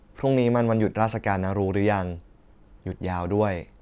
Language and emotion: Thai, neutral